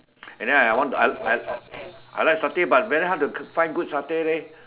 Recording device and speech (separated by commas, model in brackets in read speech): telephone, conversation in separate rooms